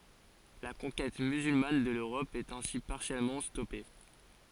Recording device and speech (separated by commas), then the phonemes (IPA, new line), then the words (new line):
forehead accelerometer, read sentence
la kɔ̃kɛt myzylman də løʁɔp ɛt ɛ̃si paʁsjɛlmɑ̃ stɔpe
La conquête musulmane de l'Europe est ainsi partiellement stoppée.